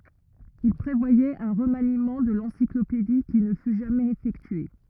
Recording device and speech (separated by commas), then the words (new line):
rigid in-ear microphone, read sentence
Il prévoyait un remaniement de l’encyclopédie, qui ne fut jamais effectué.